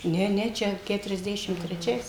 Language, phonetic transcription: Lithuanian, ˈne ˈne ˈčia keturiasˈdešim treˈčiais

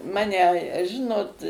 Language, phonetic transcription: Lithuanian, ˈmane ˈžinot

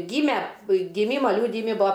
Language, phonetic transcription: Lithuanian, ˈgyme giˈmyma ˈliūdijimi ˈbua

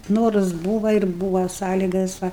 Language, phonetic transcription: Lithuanian, ˈnorus ˈbūva ir ˈbūva ˈsąlygas ˈva

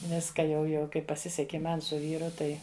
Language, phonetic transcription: Lithuanian, ˈviska jau jau ˈkaip paˈsiseki ˈman su ˈvyru ˈtai

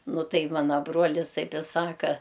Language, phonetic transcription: Lithuanian, ˈnu ˈtai ˈmana ˈbruolis ˈtaip i ˈsaka

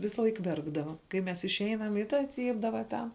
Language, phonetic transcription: Lithuanian, ˈvisalaik ˈverkdava kai ˈmes išˈeinam i ˈta ˈcypdava ten

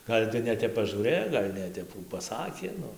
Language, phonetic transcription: Lithuanian, ˈgal' tai neˈtep pažūˈrɘjo ˈgal' neˈtep ˈkų paˈsakė ˈnu

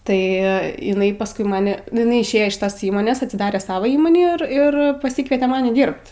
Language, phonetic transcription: Lithuanian, tai iˈnai pasˈkui ˈmani nu iˈnai išˈėjo iš ˈtas ˈįmonės atsiˈdare ˈsava ˈįmoni ir ˈir paˈsykviete ˈmani ˈdyrbt

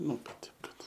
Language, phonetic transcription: Lithuanian, ˈnu kad ˈteip kad

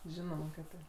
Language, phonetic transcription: Lithuanian, ˈžinoma kad ˈtaip

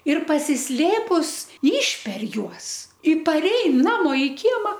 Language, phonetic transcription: Lithuanian, ir pasisˈlėpus ˈyšper ˈjuos i paˈrein ˈnamo i ˈkiema

